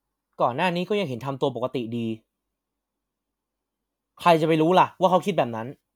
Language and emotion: Thai, angry